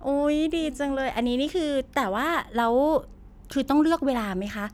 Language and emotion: Thai, happy